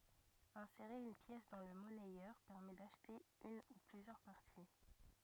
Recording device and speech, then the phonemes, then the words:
rigid in-ear microphone, read sentence
ɛ̃seʁe yn pjɛs dɑ̃ lə mɔnɛjœʁ pɛʁmɛ daʃte yn u plyzjœʁ paʁti
Insérer une pièce dans le monnayeur permet d'acheter une ou plusieurs parties.

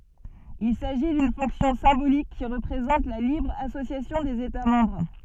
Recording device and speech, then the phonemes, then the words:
soft in-ear microphone, read sentence
il saʒi dyn fɔ̃ksjɔ̃ sɛ̃bolik ki ʁəpʁezɑ̃t la libʁ asosjasjɔ̃ dez eta mɑ̃bʁ
Il s'agit d'une fonction symbolique qui représente la libre association des États membres.

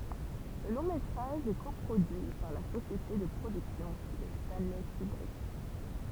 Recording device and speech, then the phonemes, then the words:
temple vibration pickup, read sentence
lə lɔ̃ metʁaʒ ɛ ko pʁodyi paʁ la sosjete də pʁodyksjɔ̃ də stɑ̃lɛ kybʁik
Le long-métrage est co-produit par la société de production de Stanley Kubrick.

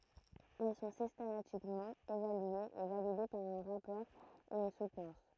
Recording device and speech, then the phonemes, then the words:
throat microphone, read sentence
ɛl sɔ̃ sistematikmɑ̃ evalyez e valide paʁ œ̃ ʁapɔʁ e yn sutnɑ̃s
Elles sont systématiquement évaluées et validées par un rapport et une soutenance.

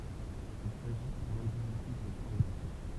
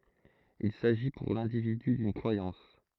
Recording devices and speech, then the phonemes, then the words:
temple vibration pickup, throat microphone, read sentence
il saʒi puʁ lɛ̃dividy dyn kʁwajɑ̃s
Il s'agit pour l'individu d'une croyance.

